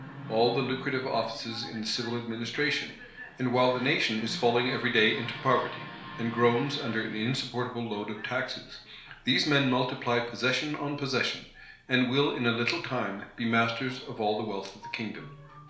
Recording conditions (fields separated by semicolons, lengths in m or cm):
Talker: one person; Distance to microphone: 1.0 m; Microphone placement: close; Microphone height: 1.1 m; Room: small (3.7 m by 2.7 m); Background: television